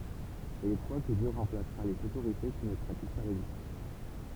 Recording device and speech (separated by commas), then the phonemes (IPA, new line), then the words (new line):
temple vibration pickup, read sentence
e il kʁwa kə djø ʁɑ̃plasʁa lez otoʁite ki nə pʁatik pa la ʒystis
Et il croit que Dieu remplacera les autorités qui ne pratiquent pas la justice.